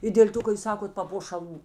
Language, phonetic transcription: Lithuanian, i dėl' ˈtu ka jūs ˈsakot papošaˈlų

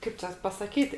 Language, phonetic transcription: Lithuanian, ˈkaip čia pasaˈkyt'

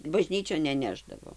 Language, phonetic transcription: Lithuanian, baˈžnyčion neˈnešdavo

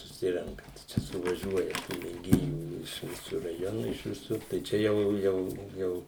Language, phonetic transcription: Lithuanian, suˈsirenka ˈčia suvaˈžiuoja tų mėˈgėjų iš ˈvisu raˈjonu iš viˈsur tai ˈčia jau ˈjau ˈjau

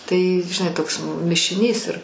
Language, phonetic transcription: Lithuanian, tai žiˈnai ˈtoks mišiˈnys ir

